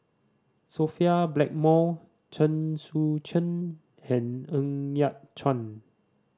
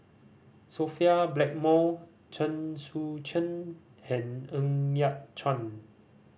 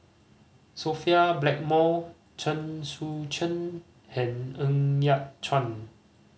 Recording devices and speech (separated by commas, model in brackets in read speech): standing microphone (AKG C214), boundary microphone (BM630), mobile phone (Samsung C5010), read sentence